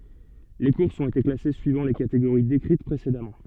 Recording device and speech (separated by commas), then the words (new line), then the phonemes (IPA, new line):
soft in-ear microphone, read sentence
Les courses ont été classées suivant les catégories décrites précédemment.
le kuʁsz ɔ̃t ete klase syivɑ̃ le kateɡoʁi dekʁit pʁesedamɑ̃